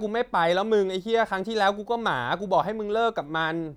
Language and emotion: Thai, angry